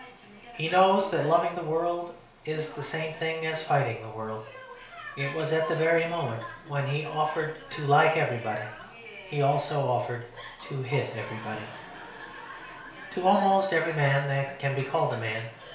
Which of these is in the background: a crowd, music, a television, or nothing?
A television.